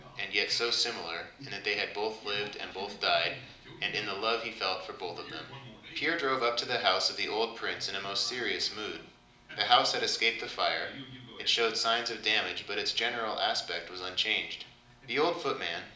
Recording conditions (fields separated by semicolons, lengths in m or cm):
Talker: one person; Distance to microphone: 2.0 m; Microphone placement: close; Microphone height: 99 cm; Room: medium-sized (5.7 m by 4.0 m); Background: television